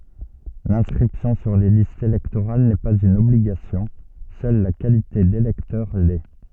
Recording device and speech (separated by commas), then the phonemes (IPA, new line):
soft in-ear microphone, read sentence
lɛ̃skʁipsjɔ̃ syʁ le listz elɛktoʁal nɛ paz yn ɔbliɡasjɔ̃ sœl la kalite delɛktœʁ lɛ